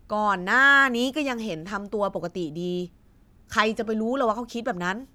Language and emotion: Thai, frustrated